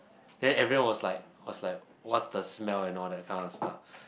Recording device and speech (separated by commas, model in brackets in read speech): boundary microphone, conversation in the same room